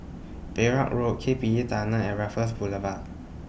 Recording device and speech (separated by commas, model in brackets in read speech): boundary microphone (BM630), read sentence